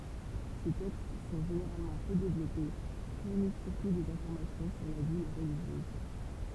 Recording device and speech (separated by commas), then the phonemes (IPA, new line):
temple vibration pickup, read sentence
se tɛkst sɔ̃ ʒeneʁalmɑ̃ pø devlɔpe fuʁnis syʁtu dez ɛ̃fɔʁmasjɔ̃ syʁ la vi ʁəliʒjøz